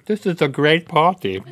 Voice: fancy voice